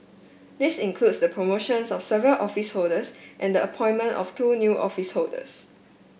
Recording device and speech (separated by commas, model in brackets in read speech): boundary microphone (BM630), read sentence